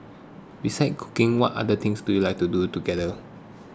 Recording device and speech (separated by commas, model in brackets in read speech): close-talking microphone (WH20), read sentence